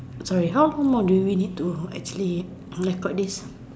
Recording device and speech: standing microphone, conversation in separate rooms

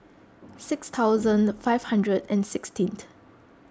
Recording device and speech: close-talking microphone (WH20), read sentence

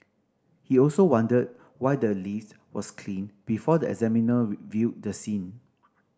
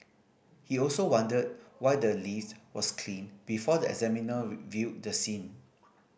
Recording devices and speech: standing microphone (AKG C214), boundary microphone (BM630), read sentence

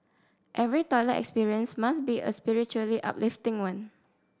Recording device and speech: standing microphone (AKG C214), read sentence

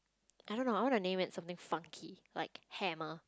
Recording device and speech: close-talking microphone, conversation in the same room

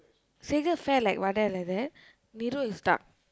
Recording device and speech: close-talking microphone, conversation in the same room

